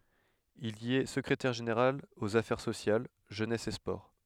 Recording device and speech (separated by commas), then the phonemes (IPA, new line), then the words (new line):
headset microphone, read sentence
il i ɛ səkʁetɛʁ ʒeneʁal oz afɛʁ sosjal ʒønɛs e spɔʁ
Il y est secrétaire général aux Affaires sociales, Jeunesse et Sports.